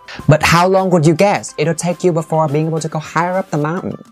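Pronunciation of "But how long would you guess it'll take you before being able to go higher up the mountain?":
The stress falls on 'how long' and on 'guess'.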